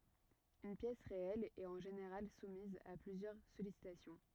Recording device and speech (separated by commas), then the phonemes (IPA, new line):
rigid in-ear microphone, read sentence
yn pjɛs ʁeɛl ɛt ɑ̃ ʒeneʁal sumiz a plyzjœʁ sɔlisitasjɔ̃